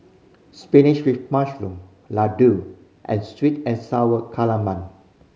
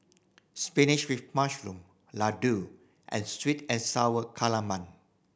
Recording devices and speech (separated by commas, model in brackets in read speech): mobile phone (Samsung C5010), boundary microphone (BM630), read sentence